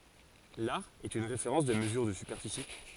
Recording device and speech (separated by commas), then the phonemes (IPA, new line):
forehead accelerometer, read sentence
laʁ ɛt yn ʁefeʁɑ̃s də məzyʁ də sypɛʁfisi